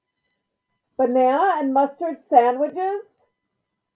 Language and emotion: English, surprised